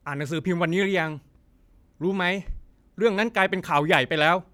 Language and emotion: Thai, frustrated